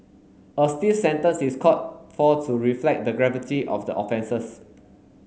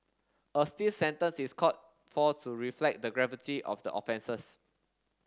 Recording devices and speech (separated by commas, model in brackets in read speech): mobile phone (Samsung S8), standing microphone (AKG C214), read sentence